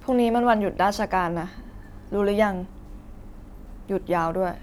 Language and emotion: Thai, neutral